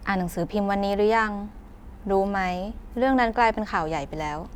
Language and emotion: Thai, neutral